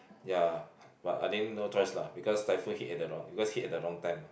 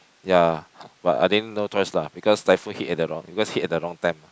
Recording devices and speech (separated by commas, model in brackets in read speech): boundary microphone, close-talking microphone, conversation in the same room